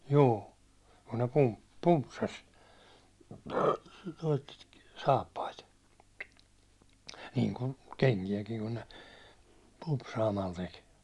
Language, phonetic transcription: Finnish, juu , kun ne 'pump- , 'pumpsas , noit , 'saappait , niiŋkun , 'keŋki₍äkiŋ kun ne , 'pumpsaamal tek .
- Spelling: juu kun ne - pumpsasi noita saappaita niin kuin kenkiäkin kun ne pumpsaamalla teki

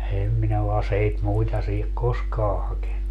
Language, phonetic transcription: Finnish, 'em minä o 'aseit "muita siihek "koskaa 'hakennu .
- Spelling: en minä ole aseita muita siihen koskaan hakenut

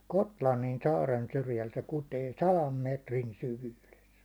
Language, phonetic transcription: Finnish, 'Kotlannin 'saaren syrjäl se 'kutee "salam 'mètrin 'syvyyles .
- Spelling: Gotlannin saaren syrjällä se kutee sadan metrin syvyydessä

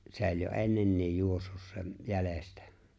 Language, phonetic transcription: Finnish, 'sè̬ ‿o͕ĺ jo "’e̬nnennioj 'juossus sem , 'jälestä .
- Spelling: se oli jo ennenkin juossut sen jäljestä

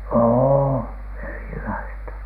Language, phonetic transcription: Finnish, ô 'erilaista .
- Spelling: on erilaista

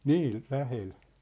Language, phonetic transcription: Finnish, nii , 'lähel .
- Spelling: niin lähellä

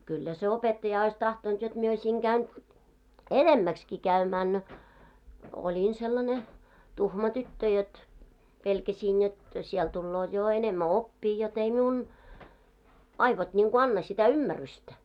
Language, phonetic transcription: Finnish, kyllä se 'opettaja ois 'tahtont jot mie oiśiŋ 'ɢäyn , "enemmäkski käymään no , 'olin sellane , 'tuhma 'tyttö jot , 'pelkäsiin jot , siɛl tullooᵗ jo 'enemmä "oppii jot ‿ei 'miun , 'aivot ńiŋɢo "anna sitä "ymmärystä .
- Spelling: kyllä se opettaja olisi tahtonut jotta minä olisin käynyt enemmäksikin käymään no olin sellainen tuhma tyttö jotta pelkäsin jotta siellä tulee jo enemmän oppia jotta ei minun aivot niin kuin anna sitä ymmärrystä

